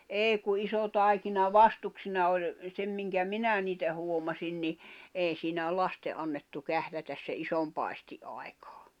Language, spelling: Finnish, ei kun iso taikina vastuksina oli sen minkä minä niitä huomasin niin ei siinä lasten annettu kährätä sen ison paistin aikana
- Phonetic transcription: èi ku 'iso 'tàikina "vastuksina ol , 'sem miŋkä "minä niitä 'huomasin ni , 'èi siinä "laste’ ’annettu "kährätäs se '’isom 'pài̬sti "’ài̬kᴀᴀ .

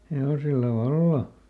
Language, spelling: Finnish, hevosilla vallan
- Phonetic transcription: ˈhe₍osilla "valla !

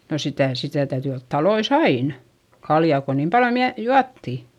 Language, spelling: Finnish, no sitä sitä täytyi olla taloissa aina kaljaa kun niin paljon - juotiin
- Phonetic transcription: no sitä̀ , sitä täyty olt talois ‿ain , kaljà ko niim paljo miä- , juatti .

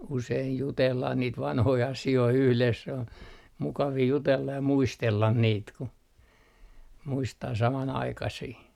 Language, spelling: Finnish, usein jutellaan niitä vanhoja asioita yhdessä se on mukavia jutella ja muistella niitä kun muistaa samanaikaisia
- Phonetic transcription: useij 'jutellah niit 'vanhoi 'asi₍oi yhles sᵉ ‿on , 'mukavii jutella ja "muistellan niit ku , 'muistaa 'saman₍aikasii .

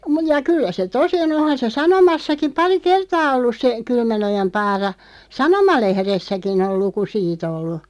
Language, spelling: Finnish, - ja kyllä se tosi on onhan se sanomassakin pari kertaa ollut se Kylmänojan Paara sanomalehdessäkin on luku siitä ollut
- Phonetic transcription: mu- ja 'kyllä se "tosi o'n ‿ohan se "sanomassakiᵐ 'pari "kertaa 'ollus se , 'Kylmänojam 'Paara , "sanoma'lehressäkin ‿ol 'luku 'siit ‿ollu .

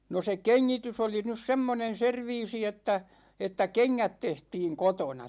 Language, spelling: Finnish, no se kengitys oli nyt semmoinen serviisi että että kengät tehtiin kotona
- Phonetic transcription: 'no se "keŋŋitys ‿oli nys 'semmonen̬ "serviisi että , että "keŋŋät 'tehtiiŋ "kotona .

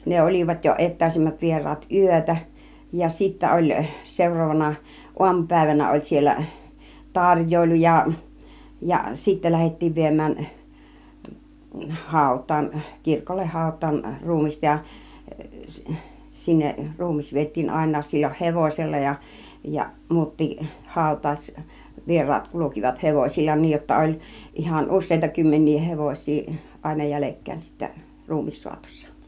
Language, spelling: Finnish, ne olivat jo etäisimmät vieraat yötä ja sitten oli seuraavana aamupäivänä oli siellä tarjoilu ja ja sitten lähdettiin viemään hautaan kirkolle hautaan ruumista ja sinne ruumis vietiin ainakin silloin hevosella ja ja muutkin hautajaisvieraat kulkivat hevosilla niin jotta oli ihan useita kymmeniä hevosia aina jäljekkäin sitten ruumissaatossa
- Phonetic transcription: ne 'ol͕ìvat jo "et̆tä̀isimmät 'vier̆raat "yötä , ja sittä 'oĺ , 'sèur̆roovana , 'uamupä̀ivänä oĺ siellä , "tar̀j̀oilu ja , ja sittä 'lähettiiv 'viem̆mään , "hàut̆taan , 'kirkolleh 'hàut̆taan 'ruumista ja , 'sinneˀ , 'ruumis viet̆tiin 'àin̆naas sil͕l͕oh "hevòsella ja , ja 'mu̬ut̆tiih 'hàu̬t̆taaś'vier̆raat kulukivat 'hevośil͕l͕a , niij jotta 'oĺ , ihan "us̆sèita 'kymmeń̆nii 'hevoś̆sii , àina 'jälekkäin sittä , 'ruumissuatossa .

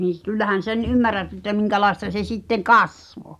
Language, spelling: Finnish, niin - kyllähän sen ymmärrät että minkälaista se sitten kasvoi
- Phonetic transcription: nin̬ s- , kyllähän "sen 'ymmär̆rät ᵉttä 'miŋkälaesta se 'sitteᵑ "kasvo .

